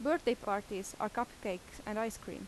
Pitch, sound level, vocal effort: 215 Hz, 84 dB SPL, normal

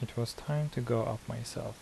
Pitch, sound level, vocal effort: 120 Hz, 75 dB SPL, soft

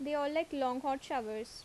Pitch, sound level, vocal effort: 270 Hz, 82 dB SPL, normal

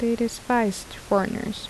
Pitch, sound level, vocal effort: 225 Hz, 76 dB SPL, soft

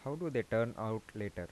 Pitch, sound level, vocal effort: 110 Hz, 84 dB SPL, soft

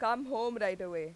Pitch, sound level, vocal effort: 220 Hz, 94 dB SPL, very loud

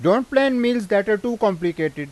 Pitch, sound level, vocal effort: 210 Hz, 96 dB SPL, very loud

